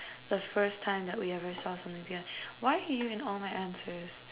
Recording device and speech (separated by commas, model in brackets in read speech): telephone, conversation in separate rooms